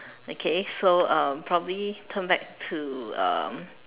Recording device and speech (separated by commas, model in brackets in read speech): telephone, conversation in separate rooms